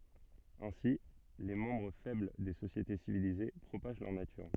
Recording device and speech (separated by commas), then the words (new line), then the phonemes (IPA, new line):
soft in-ear microphone, read sentence
Ainsi, les membres faibles des sociétés civilisées propagent leur nature.
ɛ̃si le mɑ̃bʁ fɛbl de sosjete sivilize pʁopaʒ lœʁ natyʁ